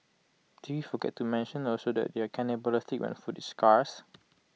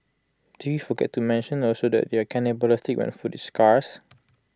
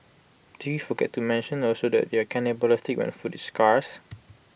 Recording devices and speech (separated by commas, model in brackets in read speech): mobile phone (iPhone 6), close-talking microphone (WH20), boundary microphone (BM630), read sentence